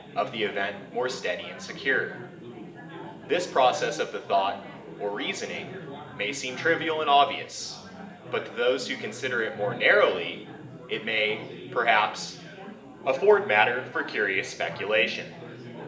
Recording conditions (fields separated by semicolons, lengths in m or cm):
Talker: one person; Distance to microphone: 1.8 m; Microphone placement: close; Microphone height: 1.0 m; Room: large; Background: babble